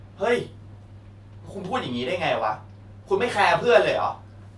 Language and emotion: Thai, angry